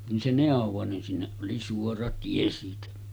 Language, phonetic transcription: Finnish, nin se nèov̀o nin sinneˀ ˀoli 'suora 'tie siitä .
- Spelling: niin se neuvoi niin sinne oli suora tie siitä

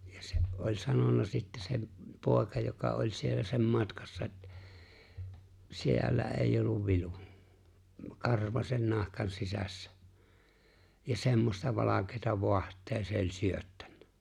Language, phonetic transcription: Finnish, ja 'se , ’oĺ 'sanona sittä se , 'pòeka joka ’oĺ 'siellä sem 'matkassa ettᴀ̈ , » 'si₍e̬llä eij ‿olluv "vilu « , 'karvasen 'nahkan "sisässᴀ̈ , ja 'semmosta 'valak̀eeta 'voaht̀ee se ‿o͕ĺ 'syöttäɴɴᴀ̈ .
- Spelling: ja se oli sanonut sitten se poika joka oli siellä sen matkassa että siellä ei ollut vilu karvaisen nahkan sisässä ja semmoista valkeata vaahtoa se oli syöttänyt

